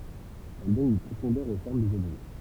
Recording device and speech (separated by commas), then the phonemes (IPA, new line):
temple vibration pickup, read sentence
ɛl dɔn yn pʁofɔ̃dœʁ o fɔʁm dez ɔbʒɛ